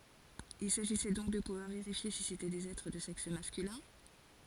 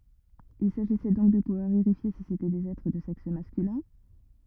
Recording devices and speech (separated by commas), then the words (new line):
forehead accelerometer, rigid in-ear microphone, read sentence
Il s'agissait donc de pouvoir vérifier si c'étaient des êtres de sexe masculin.